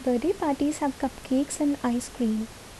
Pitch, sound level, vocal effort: 275 Hz, 71 dB SPL, soft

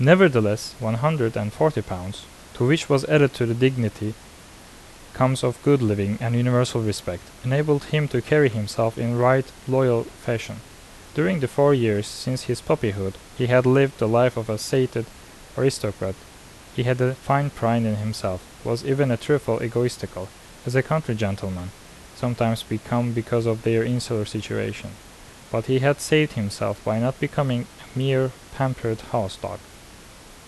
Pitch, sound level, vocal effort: 120 Hz, 80 dB SPL, normal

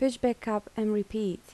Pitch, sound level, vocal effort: 215 Hz, 77 dB SPL, soft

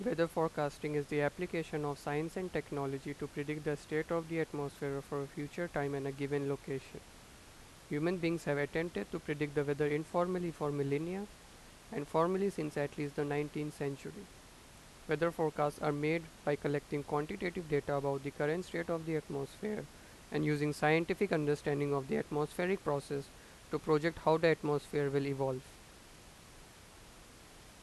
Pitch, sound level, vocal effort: 150 Hz, 88 dB SPL, normal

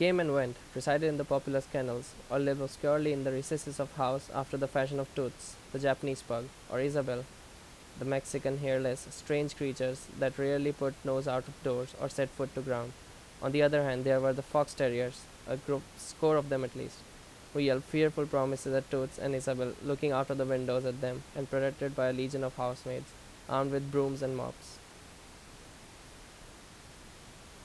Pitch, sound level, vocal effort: 135 Hz, 84 dB SPL, loud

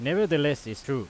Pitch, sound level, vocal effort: 140 Hz, 94 dB SPL, very loud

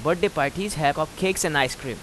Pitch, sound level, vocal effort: 155 Hz, 90 dB SPL, loud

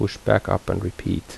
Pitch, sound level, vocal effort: 95 Hz, 73 dB SPL, soft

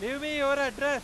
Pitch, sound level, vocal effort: 280 Hz, 107 dB SPL, very loud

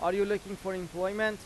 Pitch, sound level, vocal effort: 195 Hz, 95 dB SPL, loud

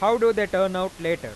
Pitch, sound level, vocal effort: 185 Hz, 101 dB SPL, loud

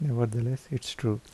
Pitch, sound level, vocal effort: 125 Hz, 75 dB SPL, soft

